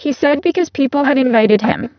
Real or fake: fake